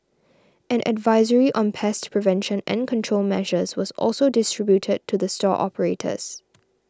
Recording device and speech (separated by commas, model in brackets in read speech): standing microphone (AKG C214), read sentence